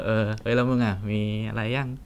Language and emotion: Thai, happy